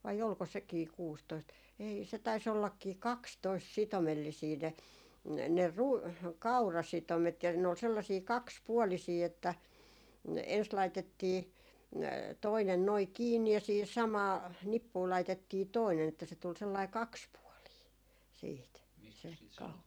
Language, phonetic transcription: Finnish, vai 'olko sekii 'kuustoist , ei se tais ollakkii "kakstoist 'sitomellisii ne , ne 'ru- , "kaurasitomet ja ne ol 'sellasii "kakspuolisii että , 'ens laitettii , 'toinen noi 'kiinni ja siihis 'samaa , 'nippuu laitettii 'toinen että se tul sellai "kakspuɔlii , 'siit se 'kau-
- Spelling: vai oliko sekin kuusitoista ei se taisi ollakin kaksitoista sitomellisia ne ne - kaurasitomet ja ne oli sellaisia kaksipuolisia että ensin laitettiin toinen noin kiinni ja siihen samaan nippuun laitettiin toinen että se tuli sellainen kaksipuolinen sitten se -

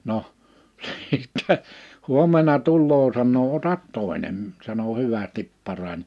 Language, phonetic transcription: Finnish, noh , shittɛ , 'huom̆mena 'tulloo sannoo » 'otat 'tòenem̳ « sano » 'hyvästip 'parań « .
- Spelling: no sitten huomenna tulee sanoo ota toinen sanoi hyvästi parani

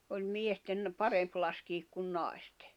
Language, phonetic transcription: Finnish, oĺ 'miesten , 'paremp laskiik kun 'nàestᴇ .
- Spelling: oli miesten parempi laskea kuin naisten

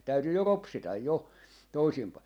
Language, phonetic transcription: Finnish, 'täytyy jo "ropsitaj 'jo , 'toisim pai - .
- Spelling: täytyy jo ropsita jo toisin -

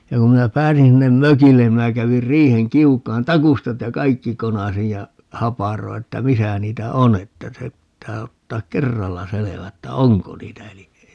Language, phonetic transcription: Finnish, ja kum 'minä "pääsin 'sinnem "mökillen ni 'minä 'kävir 'riiheŋ "kiuk̀aan "takustat ja "kaikki 'konasij ja , 'haparoi̮ että » "misä 'niitä "o » n ‿että se [pit]tää 'ottaak "kerralla 'selevä että "oŋko 'niitä eliʼ ʼei .
- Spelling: ja kun minä pääsin sinne mökille niin minä kävin riihen kiukaan taustat ja kaikki konasin ja haparoin että missä niitä on - että se pitää ottaa kerralla selvä että onko niitä eli ei

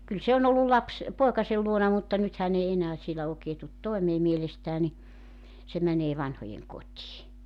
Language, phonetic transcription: Finnish, kyl 'se on ‿ollul 'laps- , 'poekasel 'luona mutta 'nyt hän ‿ei 'enää 'sielä ookee tut "toemee 'mielestää ni , se 'mänee 'vanhojeŋ"kot́ii .
- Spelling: kyllä se on ollut - poikansa luona mutta nyt hän ei enää siellä oikein tule toimeen mielestään niin se menee vanhojenkotiin

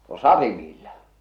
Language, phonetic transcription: Finnish, no "satimiilla .
- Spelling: no satimilla

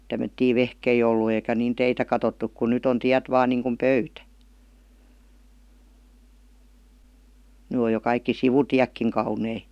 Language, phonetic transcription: Finnish, tämmöttii 'vehkei ollu eikä niin 'teitä katottuk ku 'nyt ‿on "tiät 'vaan niiŋkum "pöytä , ny oj jo kaikki "sivutiäkkiŋ 'kaunei .
- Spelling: tämmöisiä vehkeitä ollut eikä niin teitä katsottu kun nyt on tiet vain niin kuin pöytä nyt on jo kaikki sivutietkin kauniita

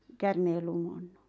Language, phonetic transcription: Finnish, 'kärmeel lumonnu ?
- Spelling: käärmeen lumonnut

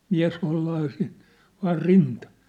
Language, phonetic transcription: Finnish, 'miä̭s hollaa sin , 'vaar "rintà .
- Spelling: mies hollaa sinne vain rintaan

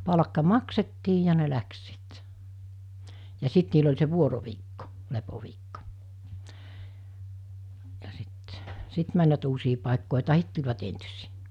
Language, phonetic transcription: Finnish, 'palᵃkka "maksettii ja ne 'läks sit , ja 'sit niil ‿oĺ se 'vuoroviikko , 'lepoviikko , ja sɪt , 'sit mäńvät uusii pàekkòe 'tahit tuĺvat entysɪɪ .
- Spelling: palkka maksettiin ja ne lähti sitten ja sitten niillä oli se vuoroviikko lepoviikko ja sitten sitten menivät uusiin paikkoihin tai tulivat entisiin

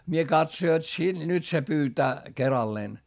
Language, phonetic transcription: Finnish, mie katso jot si- , nyt se pyytää , keralleen .
- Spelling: minä katso jotta - nyt se pyytää keralleen

